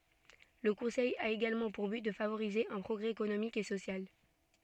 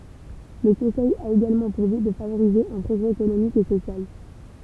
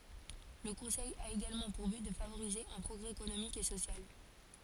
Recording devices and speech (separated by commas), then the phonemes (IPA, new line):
soft in-ear microphone, temple vibration pickup, forehead accelerometer, read sentence
lə kɔ̃sɛj a eɡalmɑ̃ puʁ byt də favoʁize œ̃ pʁɔɡʁɛ ekonomik e sosjal